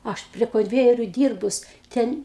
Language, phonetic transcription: Lithuanian, ˈaš prie konˈvejeriu ˈdyrbus ˈten

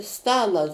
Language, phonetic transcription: Lithuanian, ˈstala

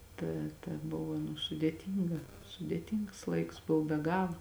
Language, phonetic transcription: Lithuanian, ˈta ta ˈbova nu sudėˈtynga sudėˈtyngs ˈlaiks ˈbov be ˈgala

